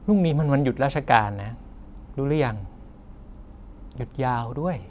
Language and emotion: Thai, neutral